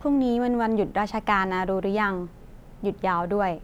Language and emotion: Thai, neutral